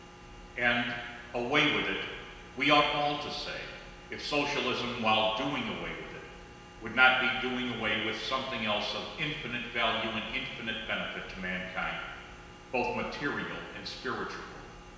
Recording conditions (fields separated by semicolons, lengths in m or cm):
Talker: one person; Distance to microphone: 1.7 m; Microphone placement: close; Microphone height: 1.0 m; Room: very reverberant, large; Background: none